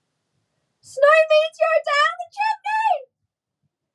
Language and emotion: English, sad